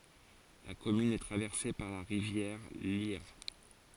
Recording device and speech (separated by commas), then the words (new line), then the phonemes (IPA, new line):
forehead accelerometer, read sentence
La commune est traversée par la rivière l'Yerres.
la kɔmyn ɛ tʁavɛʁse paʁ la ʁivjɛʁ ljɛʁ